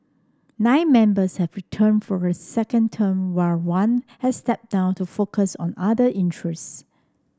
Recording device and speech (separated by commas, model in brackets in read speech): standing microphone (AKG C214), read sentence